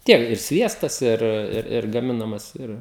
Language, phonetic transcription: Lithuanian, ˈtiek ir ˈsviestas ˈir ˈir ir gaˈminamas ˈir

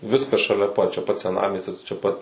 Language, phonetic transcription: Lithuanian, ˈviskas šaˈlia ˈpat čia ˈpat seˈnamiestis čia ˈpat

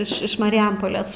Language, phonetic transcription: Lithuanian, iš iš mariˈjampolės

